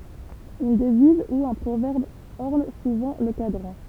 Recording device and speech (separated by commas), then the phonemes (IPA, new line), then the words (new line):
temple vibration pickup, read sentence
yn dəviz u œ̃ pʁovɛʁb ɔʁn suvɑ̃ lə kadʁɑ̃
Une devise ou un proverbe orne souvent le cadran.